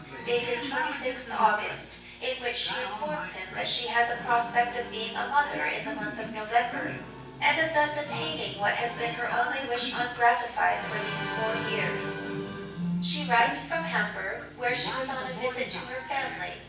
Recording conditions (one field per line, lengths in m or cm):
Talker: one person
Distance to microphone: 9.8 m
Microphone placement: far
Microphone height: 1.8 m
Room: large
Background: television